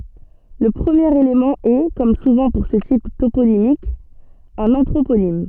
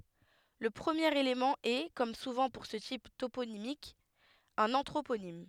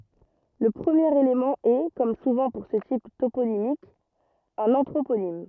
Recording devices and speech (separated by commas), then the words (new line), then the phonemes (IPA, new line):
soft in-ear microphone, headset microphone, rigid in-ear microphone, read sentence
Le premier élément est, comme souvent pour ce type toponymique, un anthroponyme.
lə pʁəmjeʁ elemɑ̃ ɛ kɔm suvɑ̃ puʁ sə tip toponimik œ̃n ɑ̃tʁoponim